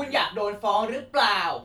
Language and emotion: Thai, angry